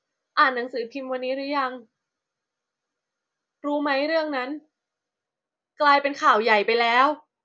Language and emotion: Thai, sad